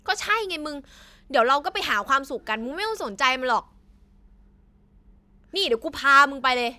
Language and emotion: Thai, happy